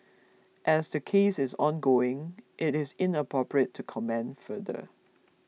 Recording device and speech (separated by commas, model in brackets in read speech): mobile phone (iPhone 6), read sentence